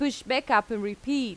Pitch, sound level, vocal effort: 240 Hz, 89 dB SPL, loud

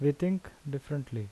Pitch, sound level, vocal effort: 145 Hz, 79 dB SPL, normal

